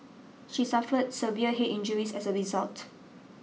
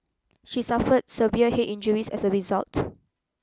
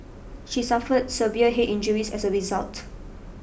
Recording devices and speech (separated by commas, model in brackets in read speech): mobile phone (iPhone 6), close-talking microphone (WH20), boundary microphone (BM630), read sentence